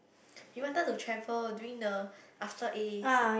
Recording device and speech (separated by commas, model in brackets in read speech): boundary microphone, conversation in the same room